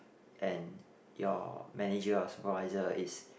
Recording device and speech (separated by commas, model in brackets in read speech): boundary microphone, conversation in the same room